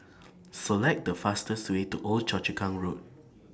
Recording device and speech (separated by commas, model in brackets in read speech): standing microphone (AKG C214), read sentence